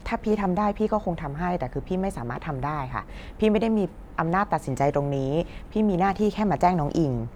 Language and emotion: Thai, frustrated